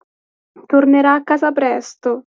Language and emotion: Italian, sad